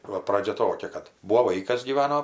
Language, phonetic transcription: Lithuanian, ˈva ˈpradžia ˈtokia kad ˈbūvo ˈvaikas gyˈvano

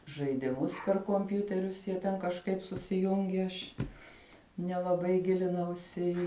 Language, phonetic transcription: Lithuanian, žaidiˈmus per komˈpjūterius ˈjie ten kažˈkaip susiˈjungi ˈaš nelaˈbai ˈgilinausi i

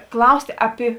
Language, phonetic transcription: Lithuanian, ˈklaustė ˈapi

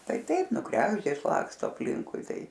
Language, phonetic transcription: Lithuanian, ˈtai ˈtaip ˈnu ˈkregždės ˈlaksto apˈlinkui ˈtai

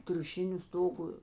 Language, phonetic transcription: Lithuanian, triuˈšiniu ˈstogu

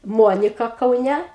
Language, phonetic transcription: Lithuanian, ˈmuonika kauˈne

